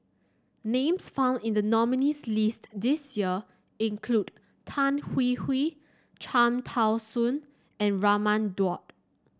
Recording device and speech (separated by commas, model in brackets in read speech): standing microphone (AKG C214), read sentence